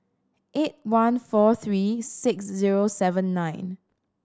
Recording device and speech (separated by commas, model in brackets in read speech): standing microphone (AKG C214), read sentence